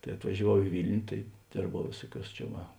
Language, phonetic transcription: Lithuanian, tai atvažiaˈvau i ˈvilniu tai ˈdėrbau ˈvėsuoˌkiuos čia ˈva

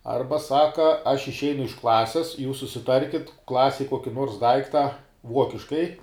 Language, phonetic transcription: Lithuanian, ˈarba ˈsaka aš išˈeinu iš ˈklasis jūs susiˈtarkit ˈklasej ˈkuoki ˈnuors ˈdaikta ˈvuokiškai

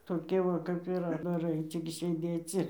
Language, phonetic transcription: Lithuanian, toˈkie ˈva kap ir atdaˈrai ˈcik sėˈdėc ir

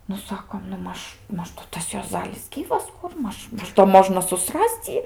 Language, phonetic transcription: Lithuanian, nu ˈsakom nu ˈmaž ˈmaž nu ˈtas juoˈzalis ˈgyvas ˈkur ˈmaž ˈmaž do ˈmožna suˈsras'c' ˈjį

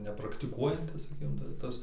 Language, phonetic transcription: Lithuanian, nepraktiˈkuojantis saˈkykim ta ˈtas

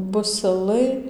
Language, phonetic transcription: Lithuanian, busiˈlai

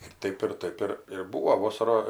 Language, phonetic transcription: Lithuanian, ir ˈtaip ir ˈtaip ir ir ˈbūvo ˈvosara

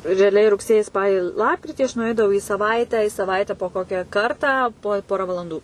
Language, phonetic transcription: Lithuanian, reaˈliai rugˈsėjį ˈspalį ˈlapkritį aš nuˈeidavau į saˈvaitę i saˈvaite po ˈkokia ˈkartą po ˈpora valanˈdų

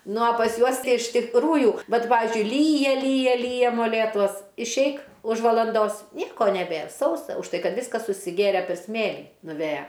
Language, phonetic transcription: Lithuanian, ˈnu o pas ˈjuos ˈtai iš tikˈrųju ˈvat ˈpavizdžiui ˈlyja ˈlyja ˈlyja moˈlėtuos išˈeik už valanˈdos ˈnieko neˈbėr ˈsausa už ˈtai ˈkad ˈviskas susiˈgėre per ˈsmėlį nuˈvėja

